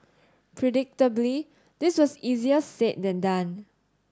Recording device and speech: standing microphone (AKG C214), read sentence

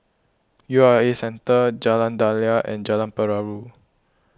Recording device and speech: close-talking microphone (WH20), read sentence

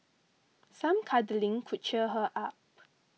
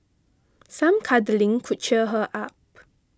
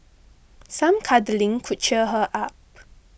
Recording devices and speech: mobile phone (iPhone 6), close-talking microphone (WH20), boundary microphone (BM630), read sentence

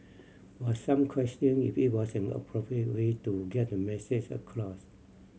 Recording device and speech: mobile phone (Samsung C7100), read sentence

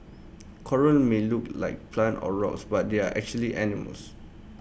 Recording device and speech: boundary microphone (BM630), read sentence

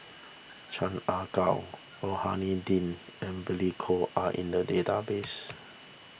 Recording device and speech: boundary microphone (BM630), read sentence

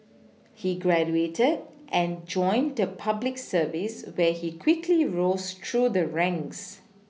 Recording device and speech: mobile phone (iPhone 6), read sentence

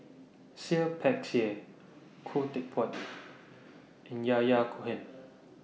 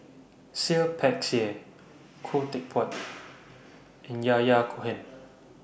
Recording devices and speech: mobile phone (iPhone 6), boundary microphone (BM630), read sentence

